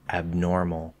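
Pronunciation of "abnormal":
In 'abnormal', the b is held and has no strong cutoff before the next sound.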